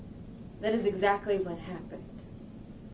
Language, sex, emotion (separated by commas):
English, female, neutral